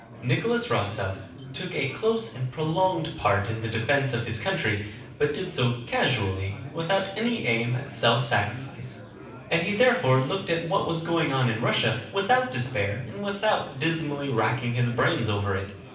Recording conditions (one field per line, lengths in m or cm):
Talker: one person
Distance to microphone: 5.8 m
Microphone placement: far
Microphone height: 1.8 m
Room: medium-sized (5.7 m by 4.0 m)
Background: babble